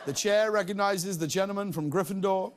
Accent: formal english voice